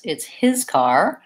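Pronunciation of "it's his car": The stress moves off 'car' and onto 'his', highlighting ownership: it's not someone else's car.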